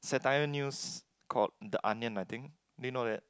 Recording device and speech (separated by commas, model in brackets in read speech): close-talking microphone, conversation in the same room